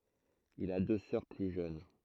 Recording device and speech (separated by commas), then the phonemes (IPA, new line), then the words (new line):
throat microphone, read sentence
il a dø sœʁ ply ʒøn
Il a deux sœurs plus jeunes.